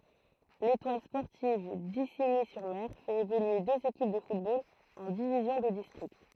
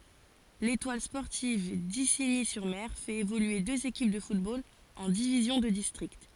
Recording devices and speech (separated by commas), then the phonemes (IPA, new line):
throat microphone, forehead accelerometer, read sentence
letwal spɔʁtiv diziɲi syʁ mɛʁ fɛt evolye døz ekip də futbol ɑ̃ divizjɔ̃ də distʁikt